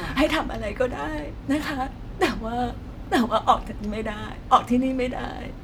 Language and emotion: Thai, sad